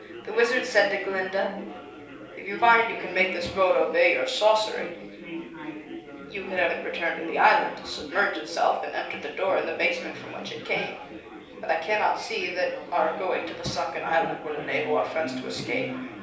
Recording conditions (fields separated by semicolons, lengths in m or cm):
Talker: one person; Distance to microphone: 3.0 m; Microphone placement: far; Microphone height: 1.8 m; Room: small (3.7 m by 2.7 m); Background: babble